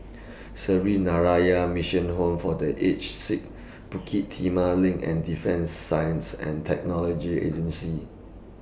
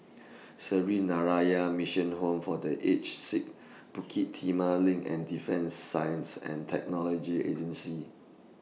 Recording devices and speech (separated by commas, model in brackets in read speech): boundary microphone (BM630), mobile phone (iPhone 6), read sentence